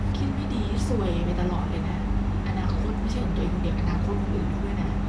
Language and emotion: Thai, frustrated